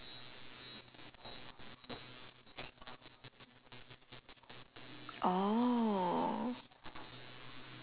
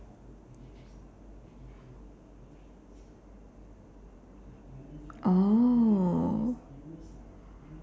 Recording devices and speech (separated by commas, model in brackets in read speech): telephone, standing microphone, conversation in separate rooms